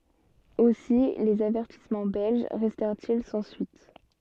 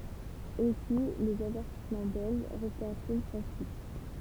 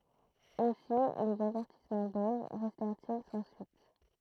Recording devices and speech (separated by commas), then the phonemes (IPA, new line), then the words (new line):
soft in-ear microphone, temple vibration pickup, throat microphone, read sentence
osi lez avɛʁtismɑ̃ bɛlʒ ʁɛstɛʁt il sɑ̃ syit
Aussi, les avertissements belges restèrent-ils sans suite.